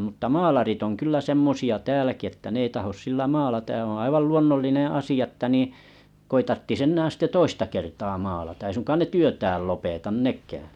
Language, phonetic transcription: Finnish, mutta "maalarit oŋ 'kyllä 'semmosi₍a 'tääläki että 'ne ei tahos 'sillä "maalataj ja oᵒ̰ 'aival 'luonnollineḛ 'asi₍a että niiḭ , ko ‿i tarttis 'ennää 'sitte "toista kertaa 'maalata ei suŋkaan 'ne "työtääl lopetan "nèkää .
- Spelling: mutta maalarit on kyllä semmoisia täälläkin että ne ei tahdo sillä maalata ja on aivan luonnollinen asia että niin kun ei tarvitsisi enää sitten toista kertaa maalata ei suinkaan ne työtään lopeta nekään

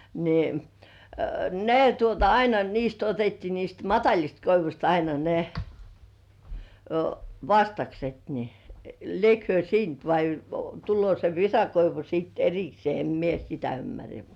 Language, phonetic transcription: Finnish, ni , "ne tuota 'aina niist ‿otettii niist "mataĺist 'koivuśt aina ne , "vastakset ni , 'liek hyö "siint vai 'tullŭò se 'visakoivu sìt "eriksĭè em 'mie "sitä ym-märrä .
- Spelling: niin ne tuota aina niistä otettiin niistä matalista koivuista aina ne vastakset niin liekö he siitä vai tullut se visakoivu sitten erikseen en minä sitä ymmärrä

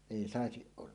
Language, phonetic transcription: Finnish, 'èi "sàesiˀ 'ˀolla .
- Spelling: ei saisi olla

